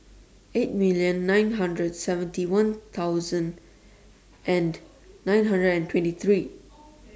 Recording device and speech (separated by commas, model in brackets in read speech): standing microphone (AKG C214), read sentence